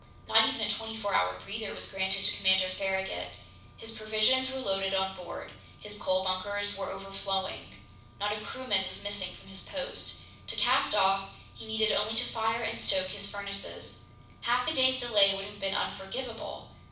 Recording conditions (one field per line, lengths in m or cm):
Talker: one person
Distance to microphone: 5.8 m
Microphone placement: far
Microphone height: 1.8 m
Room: medium-sized (5.7 m by 4.0 m)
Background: none